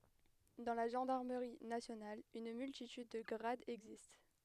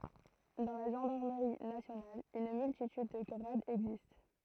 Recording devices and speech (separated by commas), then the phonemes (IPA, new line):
headset microphone, throat microphone, read sentence
dɑ̃ la ʒɑ̃daʁməʁi nasjonal yn myltityd də ɡʁadz ɛɡzist